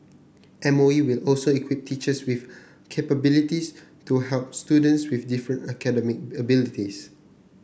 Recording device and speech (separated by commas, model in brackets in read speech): boundary microphone (BM630), read sentence